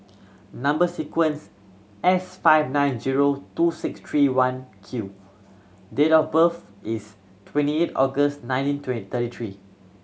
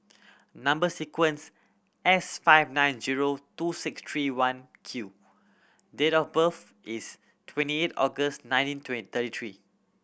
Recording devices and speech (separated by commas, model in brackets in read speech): mobile phone (Samsung C7100), boundary microphone (BM630), read sentence